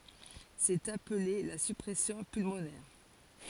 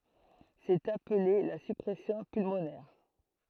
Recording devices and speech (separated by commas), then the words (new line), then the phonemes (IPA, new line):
forehead accelerometer, throat microphone, read sentence
C'est appelé la surpression pulmonaire.
sɛt aple la syʁpʁɛsjɔ̃ pylmonɛʁ